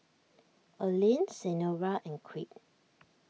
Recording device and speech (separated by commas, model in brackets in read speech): mobile phone (iPhone 6), read sentence